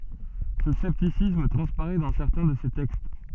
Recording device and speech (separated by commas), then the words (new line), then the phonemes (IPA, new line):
soft in-ear microphone, read sentence
Ce scepticisme transparaît dans certains de ses textes.
sə sɛptisism tʁɑ̃spaʁɛ dɑ̃ sɛʁtɛ̃ də se tɛkst